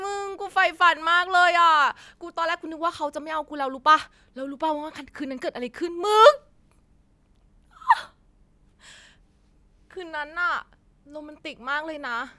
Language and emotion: Thai, happy